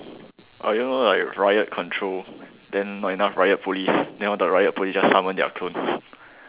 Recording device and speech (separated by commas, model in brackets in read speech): telephone, conversation in separate rooms